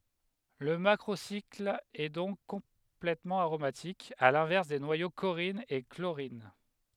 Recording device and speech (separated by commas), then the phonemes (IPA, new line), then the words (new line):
headset microphone, read sentence
lə makʁosikl ɛ dɔ̃k kɔ̃plɛtmɑ̃ aʁomatik a lɛ̃vɛʁs de nwajo koʁin e kloʁin
Le macrocycle est donc complètement aromatique, à l'inverse des noyaux corrine et chlorine.